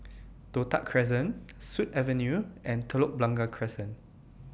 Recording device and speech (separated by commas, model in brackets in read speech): boundary microphone (BM630), read sentence